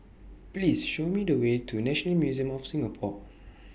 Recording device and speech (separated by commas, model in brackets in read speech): boundary microphone (BM630), read sentence